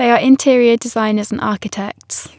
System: none